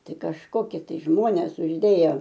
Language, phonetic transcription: Lithuanian, ˈtai kažˈkokie tai ˈžmonės užˈdėja

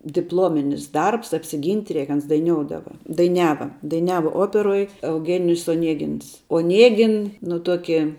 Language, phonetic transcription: Lithuanian, dipˈlominis ˈdarbs apsiˈgynt' ˈreik ˈans daiˈnioudava daiˈniava daiˈniava ˈoperoj euˈgenijus oˈniegins oˈniegin nu ˈtuoki

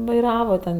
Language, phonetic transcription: Lithuanian, vaiˈrava ten

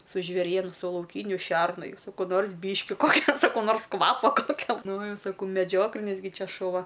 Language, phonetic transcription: Lithuanian, su žvėˈrienu su lauˈkyniu ˈšernu ˈjau saˈkau ˈnors ˈbyški ˈkokia saˈkau ˈnors ˈkvapo pakelˈnojau saˈkau meˈdžioklinis ˈgi ˈčia šuˈva

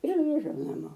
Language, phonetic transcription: Lithuanian, ir griˈžau naˈmo

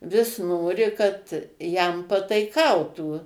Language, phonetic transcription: Lithuanian, vis ˈnori kad ˈjam pataiˈkautų

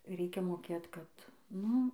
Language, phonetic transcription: Lithuanian, ˈreikia moˈkėt kad ˈnu

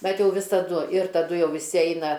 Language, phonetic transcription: Lithuanian, ˈbet ˈjau visaˈdu ir taˈdu ˈjau viˈsi ˈeina

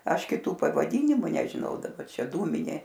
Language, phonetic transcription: Lithuanian, ˈaš kiˈtų pavaˈdynimu nežiˈnau daˈba ˈčia ˈdūminė

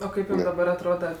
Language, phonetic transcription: Lithuanian, o ˈkaip daˈbar atˈroda

